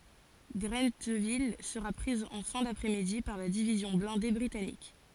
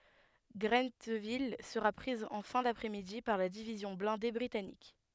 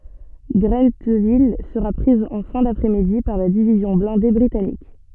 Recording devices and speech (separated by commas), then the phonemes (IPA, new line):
forehead accelerometer, headset microphone, soft in-ear microphone, read sentence
ɡʁɑ̃tvil səʁa pʁiz ɑ̃ fɛ̃ dapʁɛ midi paʁ la divizjɔ̃ blɛ̃de bʁitanik